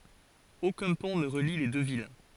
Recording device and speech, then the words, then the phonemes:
forehead accelerometer, read sentence
Aucun pont ne relie les deux villes.
okœ̃ pɔ̃ nə ʁəli le dø vil

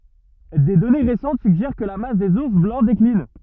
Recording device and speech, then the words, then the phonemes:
rigid in-ear microphone, read sentence
Des données récentes suggèrent que la masse des ours blancs décline.
de dɔne ʁesɑ̃t syɡʒɛʁ kə la mas dez uʁs blɑ̃ deklin

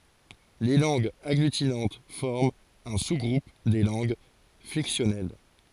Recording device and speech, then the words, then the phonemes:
forehead accelerometer, read sentence
Les langues agglutinantes forment un sous-groupe des langues flexionnelles.
le lɑ̃ɡz aɡlytinɑ̃t fɔʁmt œ̃ su ɡʁup de lɑ̃ɡ flɛksjɔnɛl

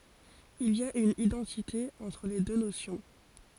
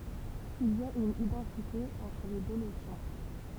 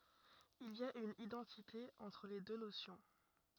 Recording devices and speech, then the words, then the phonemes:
forehead accelerometer, temple vibration pickup, rigid in-ear microphone, read sentence
Il y a une identité entre les deux notions.
il i a yn idɑ̃tite ɑ̃tʁ le dø nosjɔ̃

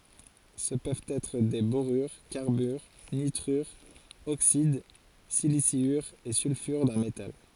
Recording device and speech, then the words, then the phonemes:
forehead accelerometer, read sentence
Ce peuvent être des borures, carbures, nitrures, oxydes, siliciures et sulfures d'un métal.
sə pøvt ɛtʁ de boʁyʁ kaʁbyʁ nitʁyʁz oksid silisjyʁz e sylfyʁ dœ̃ metal

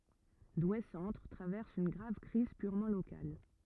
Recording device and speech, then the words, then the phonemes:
rigid in-ear microphone, read sentence
Douai-centre traverse une grave crise purement locale.
dwe sɑ̃tʁ tʁavɛʁs yn ɡʁav kʁiz pyʁmɑ̃ lokal

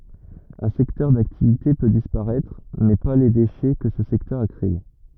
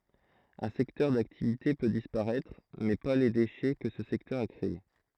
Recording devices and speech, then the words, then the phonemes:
rigid in-ear microphone, throat microphone, read sentence
Un secteur d'activité peut disparaître, mais pas les déchets que ce secteur a créé.
œ̃ sɛktœʁ daktivite pø dispaʁɛtʁ mɛ pa le deʃɛ kə sə sɛktœʁ a kʁee

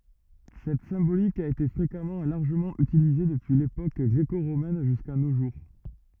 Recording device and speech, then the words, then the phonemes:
rigid in-ear microphone, read sentence
Cette symbolique a été fréquemment et largement utilisée depuis l'époque gréco-romaine jusqu'à nos jours.
sɛt sɛ̃bolik a ete fʁekamɑ̃ e laʁʒəmɑ̃ ytilize dəpyi lepok ɡʁeko ʁomɛn ʒyska no ʒuʁ

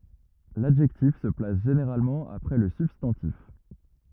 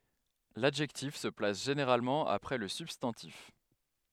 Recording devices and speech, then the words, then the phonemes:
rigid in-ear microphone, headset microphone, read sentence
L'adjectif se place généralement après le substantif.
ladʒɛktif sə plas ʒeneʁalmɑ̃ apʁɛ lə sybstɑ̃tif

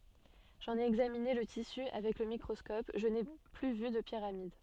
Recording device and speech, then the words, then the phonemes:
soft in-ear microphone, read sentence
J’en ai examiné le tissu avec le microscope, je n'ai plus vu de pyramides.
ʒɑ̃n e ɛɡzamine lə tisy avɛk lə mikʁɔskɔp ʒə ne ply vy də piʁamid

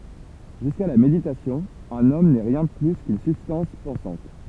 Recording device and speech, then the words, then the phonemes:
temple vibration pickup, read sentence
Jusqu'à la méditation, un homme n'est rien de plus qu'une substance pensante.
ʒyska la meditasjɔ̃ œ̃n ɔm nɛ ʁjɛ̃ də ply kyn sybstɑ̃s pɑ̃sɑ̃t

